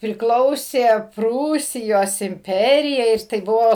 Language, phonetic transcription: Lithuanian, priˈklausė ˈprūsijos imˈperijai ir tai ˈbuvo

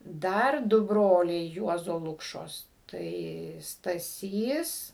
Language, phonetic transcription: Lithuanian, ˈdar ˈdu ˈbroliai ˈjuozo ˈlukšos ˈtai staˈsys

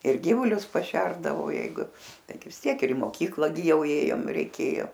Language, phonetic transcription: Lithuanian, ir ˈgyvulius paˈšerdavau ˈjeigu ˈtaigi vis ˈtiek ir i moˈkykla gi ˈjau ˈėjom reiˈkėjo

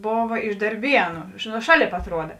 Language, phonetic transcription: Lithuanian, ˈbova iš darˈbienu nu ˈšaˌlėp atˈruoda

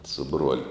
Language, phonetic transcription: Lithuanian, su ˈbruoliu

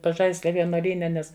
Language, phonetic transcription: Lithuanian, paˈžaislia vienuoˈlyne ˈnes

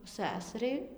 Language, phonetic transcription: Lithuanian, ˈsæsariai

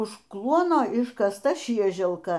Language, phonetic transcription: Lithuanian, už ˈkluono iškasˈta ˈšieželka

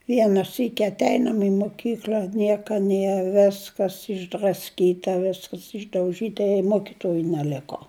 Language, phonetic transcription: Lithuanian, ˈviena ˈsyki atˈeinam i muˈkykl'a ˈnieka ˈnie ˈveskas išdrasˈkyta ˈviskas išdauˈžyta i ˈmokituoju neˈliko

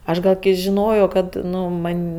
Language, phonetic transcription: Lithuanian, ˈaš gal kai žiˈnojo ˈkad ˈnu ˈman'

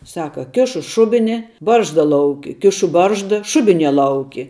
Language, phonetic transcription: Lithuanian, ˈsaka ˈkišu ˈšubini ˈbaržda ˈlauki ˈkišu ˈbaržda ˈšubiˌnie ˈlauki

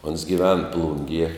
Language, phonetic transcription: Lithuanian, ons giˈven ˈplungie

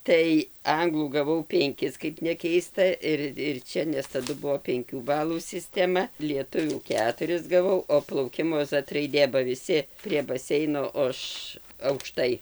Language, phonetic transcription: Lithuanian, ˈtai ˈanglų gaˈvau penˈkis kaip neˈkeista ˈir ir ˈčia nes taˈdu ˈbuvo penˈkių ˈbalų sisteˈma lieˈtuvių ˈketuris gaˈvau o plauˈkimo ˈzat raiˈdė ba viˈsi prie ˈbaseino o ˈaš aukˈštai

